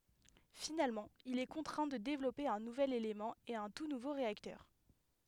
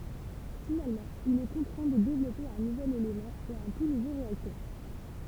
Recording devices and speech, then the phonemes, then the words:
headset microphone, temple vibration pickup, read sentence
finalmɑ̃ il ɛ kɔ̃tʁɛ̃ də devlɔpe œ̃ nuvɛl elemɑ̃ e œ̃ tu nuvo ʁeaktœʁ
Finalement, il est contraint de développer un nouvel élément et un tout nouveau réacteur.

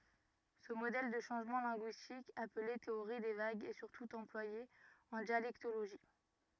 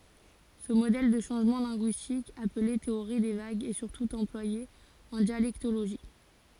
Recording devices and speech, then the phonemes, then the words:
rigid in-ear microphone, forehead accelerometer, read sentence
sə modɛl də ʃɑ̃ʒmɑ̃ lɛ̃ɡyistik aple teoʁi de vaɡz ɛ syʁtu ɑ̃plwaje ɑ̃ djalɛktoloʒi
Ce modèle de changement linguistique, appelé théorie des vagues, est surtout employé en dialectologie.

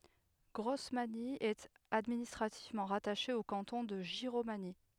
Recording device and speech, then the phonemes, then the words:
headset microphone, read sentence
ɡʁɔsmaɲi ɛt administʁativmɑ̃ ʁataʃe o kɑ̃tɔ̃ də ʒiʁomaɲi
Grosmagny est administrativement rattachée au canton de Giromagny.

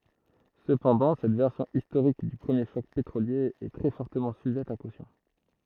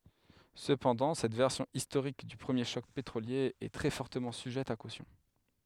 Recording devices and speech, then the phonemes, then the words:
throat microphone, headset microphone, read sentence
səpɑ̃dɑ̃ sɛt vɛʁsjɔ̃ istoʁik dy pʁəmje ʃɔk petʁolje ɛ tʁɛ fɔʁtəmɑ̃ syʒɛt a kosjɔ̃
Cependant cette version historique du premier choc pétrolier est très fortement sujette à caution.

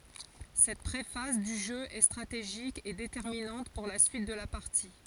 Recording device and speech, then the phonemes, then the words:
forehead accelerometer, read sentence
sɛt pʁefaz dy ʒø ɛ stʁateʒik e detɛʁminɑ̃t puʁ la syit də la paʁti
Cette pré-phase du jeu est stratégique et déterminante pour la suite de la partie.

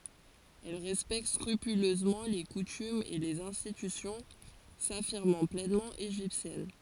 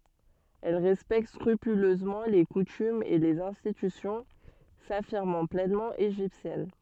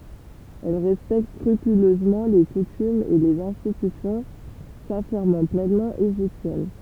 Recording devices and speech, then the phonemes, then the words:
forehead accelerometer, soft in-ear microphone, temple vibration pickup, read sentence
ɛl ʁɛspɛkt skʁypyløzmɑ̃ le kutymz e lez ɛ̃stitysjɔ̃ safiʁmɑ̃ plɛnmɑ̃ eʒiptjɛn
Elle respecte scrupuleusement les coutumes et les institutions, s’affirmant pleinement égyptienne.

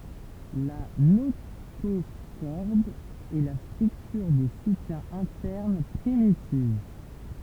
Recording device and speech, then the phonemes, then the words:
temple vibration pickup, read sentence
la notoʃɔʁd ɛ la stʁyktyʁ də sutjɛ̃ ɛ̃tɛʁn pʁimitiv
La notochorde est la structure de soutien interne primitive.

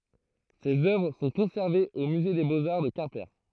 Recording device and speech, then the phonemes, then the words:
throat microphone, read sentence
sez œvʁ sɔ̃ kɔ̃sɛʁvez o myze de boz aʁ də kɛ̃pe
Ces œuvres sont conservées au musée des beaux-arts de Quimper.

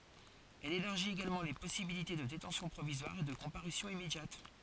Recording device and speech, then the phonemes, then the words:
forehead accelerometer, read sentence
ɛl elaʁʒit eɡalmɑ̃ le pɔsibilite də detɑ̃sjɔ̃ pʁovizwaʁ e də kɔ̃paʁysjɔ̃ immedjat
Elle élargit également les possibilités de détention provisoire et de comparution immédiate.

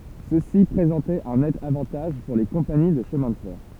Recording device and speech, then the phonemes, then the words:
temple vibration pickup, read sentence
səsi pʁezɑ̃tɛt œ̃ nɛt avɑ̃taʒ puʁ le kɔ̃pani də ʃəmɛ̃ də fɛʁ
Ceci présentait un net avantage pour les compagnies de chemin de fer.

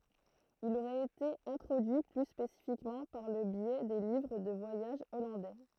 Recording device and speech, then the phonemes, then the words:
throat microphone, read sentence
il oʁɛt ete ɛ̃tʁodyi ply spesifikmɑ̃ paʁ lə bjɛ de livʁ də vwajaʒ ɔlɑ̃dɛ
Il aurait été introduit plus spécifiquement par le biais des livres de voyage hollandais.

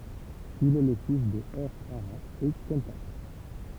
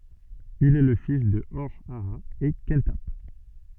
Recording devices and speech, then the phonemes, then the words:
temple vibration pickup, soft in-ear microphone, read sentence
il ɛ lə fis də ɔʁ aa e kɑ̃tap
Il est le fils de Hor-Aha et Khenthap.

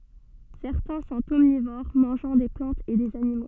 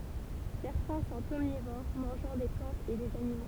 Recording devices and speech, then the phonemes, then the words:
soft in-ear microphone, temple vibration pickup, read sentence
sɛʁtɛ̃ sɔ̃t ɔmnivoʁ mɑ̃ʒɑ̃ de plɑ̃tz e dez animo
Certains sont omnivores, mangeant des plantes et des animaux.

